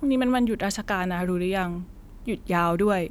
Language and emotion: Thai, neutral